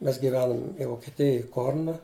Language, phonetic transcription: Lithuanian, mes giˈvenum vokiˈtijoj ˈkorna

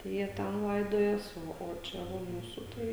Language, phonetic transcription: Lithuanian, tai ˈjie ˈten ˈlaidojas ˈo o ˈčia ˈva ˈmūsu ˈtai

